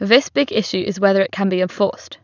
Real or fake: real